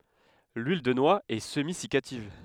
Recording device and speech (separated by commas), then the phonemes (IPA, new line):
headset microphone, read sentence
lyil də nwa ɛ səmizikativ